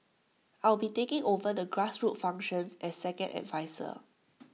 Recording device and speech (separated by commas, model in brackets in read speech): mobile phone (iPhone 6), read sentence